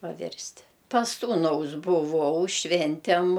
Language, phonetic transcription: Lithuanian, paˈvirsti pas ˈsūnaus buˈvau ˈšventem

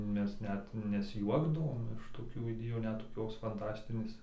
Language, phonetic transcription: Lithuanian, ˈmes ˈnet nesˈjuokdavom iš toˈkių iˈdėjų ˈnet toˈkios fanˈtastinės

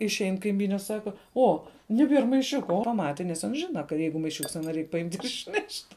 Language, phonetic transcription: Lithuanian, išˈein kaiˈmyne ˈsaka ˈo neˈbier maiˈšiuka o ˈmati ˈans ˈžina ka ˈjeigu maiˈšiuks ˈano ˈreik paˈimt' išˈnešt'

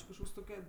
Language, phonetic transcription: Lithuanian, ˈči kažˈkoks ˈtoke

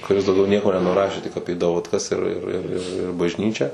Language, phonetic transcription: Lithuanian, kuˈris dauˈgiau ˈnieko nenuˈrašė tik ˈapie davatˈkas ir ir ir ir ir bažˈnyčią

